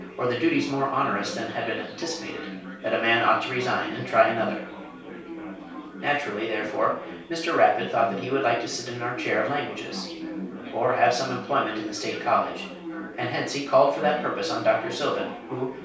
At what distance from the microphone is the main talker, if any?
3.0 m.